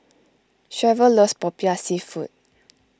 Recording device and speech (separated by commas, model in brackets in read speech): close-talking microphone (WH20), read sentence